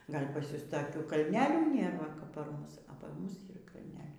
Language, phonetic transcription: Lithuanian, ˈgal' pas ˈjus taˈkių kalˈnelių ˈnėr ˈva kap par ˈmus o par ˈmus ˈyr kalˈneliai

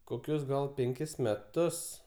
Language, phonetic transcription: Lithuanian, koˈkius gal penˈkis meˈtus

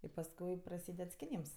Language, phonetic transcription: Lithuanian, i pasˈkui praˈsyded skiˈnyms

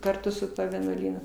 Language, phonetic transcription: Lithuanian, karˈtu su ˈtuo vienuoˈlynu

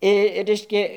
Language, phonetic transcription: Lithuanian, i ˈreiškia

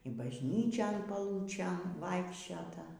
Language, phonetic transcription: Lithuanian, i bažˈnyčion paˈlūčėn ˈvaikščiota

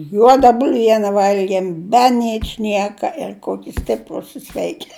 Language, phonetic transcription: Lithuanian, ˈjuoda bulˈviene ˈvalgiem be ˈničnieka ir ˈkoki ˈstiprūs i ˈsveiki

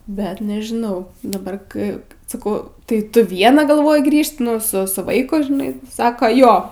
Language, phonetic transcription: Lithuanian, ˈbet nežiˈnau daˈbar ˈkɜ saˈkau tai ˈtu ˈviena galˈvoji ˈgrįžt ˈnu su ˈsu ˈvaiku žiˈnai ˈsaka ˈjo

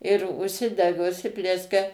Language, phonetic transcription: Lithuanian, ir užˈsidega užˈsiplieskia

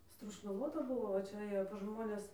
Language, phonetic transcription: Lithuanian, strošnaˈvota ˈbuvo va ˈčia ˈėjo pas ˈžmones

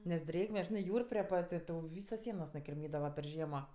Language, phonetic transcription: Lithuanian, nes ˈdrėgme ˈžinɜ ˈjūr prie ˈpat' i ˈtau ˈvysos ˈsienos nukirˈmydava per ˈžiemo

